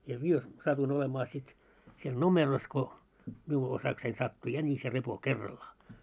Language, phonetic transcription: Finnish, ja 'mie , 'satuin olemaa sit , siel "nomeros ko , miu 'osaksein sattu 'jänis ja 'repo "kerraliaa .
- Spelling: ja minä satuin olemaan sitten siellä numerossa kun minun osakseni sattui jänis ja repo kerrallaan

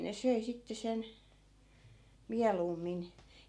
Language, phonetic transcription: Finnish, ne 'söi sitte 'sen , 'mialuummin .
- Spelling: ne söi sitten sen mieluummin

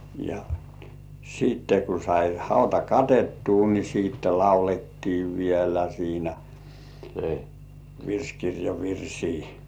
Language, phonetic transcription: Finnish, ja , siitte ku sai 'hauta "katettuu ni siitte "laulettii vielä 'siinä , "virskirjav 'virsii .
- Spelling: ja sitten kun sai hauta katettua niin sitten laulettiin vielä siinä virsikirjan virsiä

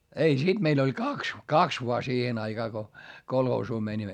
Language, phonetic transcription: Finnish, ei , siD meil ‿oĺ kaks , kaks voa siihen ‿aiGaa ko , kolhoosuu mäńimmä .
- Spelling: ei sitten meillä oli kaksi kaksi vain siihen aikaan kun kolhoosiin menimme

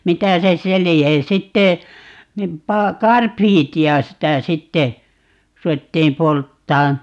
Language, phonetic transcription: Finnish, 'mitä se "se 'lie (ja) 'sitte , nim 'paa - "karpiiti₍a 'sitä 'sitte , 'ru₍ettiim "polttaan .
- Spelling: mitä se se lie ja sitten niin - karbidia sitä sitten ruvettiin polttamaan

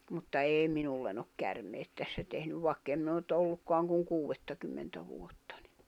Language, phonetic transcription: Finnish, mutta 'èi 'minullen ‿ok 'kärmeet tässä tehnyv 'vài̬kk ‿em min ‿o nʸt 'ollukkoaŋ kuŋ 'kuuwettakymmentä 'vuottᴀ ɴɪ .
- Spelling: mutta ei minulle ole käärmeet tässä tehnyt vaikka en minä ole nyt ollutkaan kuin kuudettakymmentä vuotta niin

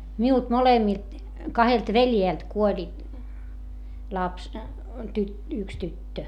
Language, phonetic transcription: Finnish, miult molemmilt , kahelt veljèlt kuoĺi , laps , tyt- , yks tyttö .
- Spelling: minulta molemmilta kahdelta veljeltä kuoli lapsi - yksi tyttö

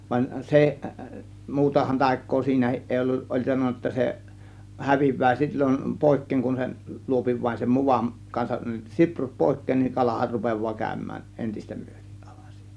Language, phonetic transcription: Finnish, van 'seˀ , muutahan 'tàėk̆koo siinähiˀ 'ˀèi 'olluˀ , ˀoĺ 'sanon̆na ‿°tta se , 'häviv̆vää sil͕l͕on 'pòėkkeeŋ kun sen , 'luopi vain sem- 'muvam , kansaˀ , 'siprut "pòėk̀keen niŋ 'kalahar rupev̆vaa kä̀ö̇m̆mään , 'ˀentistä (MYÖtIˀ) ˀAe̬VAN sIINÄ .
- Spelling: vaan se muutahan taikaa siinäkin ei ollut oli sanonut jotta se häviää silloin pois kun sen luo vain sen mudan kanssa siprut pois niin kalahan rupeaa käymään entistä myöten aivan siinä

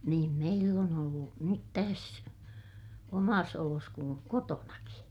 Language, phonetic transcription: Finnish, niim meill ‿on ‿ollu , nyt täs , omas olos kuŋ kotonaki .
- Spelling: niin meillä on ollut nyt tässä omassa olossa kuin kotonakin

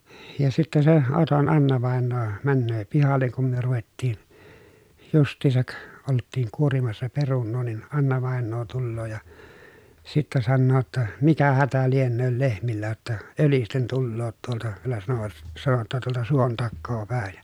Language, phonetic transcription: Finnish, ja sitte se , Oton Anna-vàennoo , männöö pihalleŋ kum myö ruvettiin , just̀iisak , olttiiŋ kuorimassa perunnoo nin , Anna-vàennoo tulloo ja , sittä sannoo ‿tta , » mikä hätä liennööl lehmillä jotta , ölisten tulloot tuolta » , vielä sano(vat) , sano ‿tta » tuolta suon takkoo pä̀e(n) ? »
- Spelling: ja sitten se Oton Anna-vainaja menee pihalle kun me ruvettiin justiinsa oltiin kuorimassa perunaa niin Anna-vainaja tulee ja sitten sanoo jotta mikä hätä lienee lehmillä jotta ölisten tulevat tuolta vielä sanoivat sanoi jotta tuolta suon takaa päin

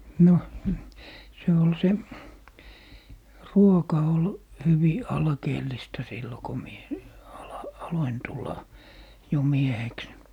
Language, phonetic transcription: Finnish, 'no , se ol 'se , "ruoka ol , 'hyvi , 'alkeellista 'sillo ko , mie , ala- , 'aloin 'tulla , jo 'mieheks .
- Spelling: no se oli se ruoka oli hyvin alkeellista silloin kun minä - aloin tulla jo mieheksi

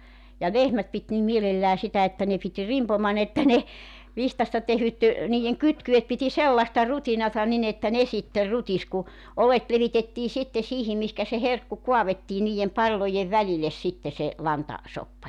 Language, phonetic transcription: Finnish, ja 'lehmät pit nim 'mielellää sitä että ne pit "rimpoman ‿että ne , 'vihtasta tehyt 'niij̆jeŋ 'kytky₍et piti "sellasta "rutinata 'nin ‿että 'ne sitter "rutis ku , 'olet 'levitettii sitte 'siihim mihkä se 'herkku 'kuavettii 'niiʲem 'palloje "väliles sitte se , 'lanta- , -'soppa .
- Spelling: ja lehmät piti niin mielellään sitä että ne piti rimpoman että ne vihdasta tehdyt niiden kytkyet piti sellaista rutinaa niin että ne sitten rutisi kun oljet levitettiin sitten siihen mihinkä se herkku kaadettiin niiden pallojen välille sitten se - lantasoppa

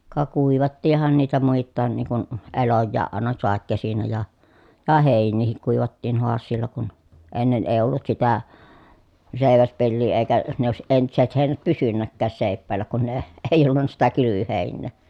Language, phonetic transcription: Finnish, ka kuivattiih̆han niitä muittaan niiŋ kun , elojjaaʼ ʼàena sàekkesinä ja , ja hèinniihik kuivattiin hoassiilla kun , ennen èi̮ ollut sitä , sèi̮väspellii èi̮kä , ne òesiʼ ʼentiset hèi̮nät pysynnäkkääs sèi̮ppäällä kun ne , e- èi̮ olluǹa sitä kylyvyhèinnee .
- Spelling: ka kuivattiinhan niitä muitakin niin kuin eloja aina sadekesinä ja ja heiniäkin kuivattiin haasialla kun ennen ei ollut sitä seiväspeliä eikä ne olisi entiset heinät pysynytkään seipäällä kun ne - ei ollut sitä kylvöheinää

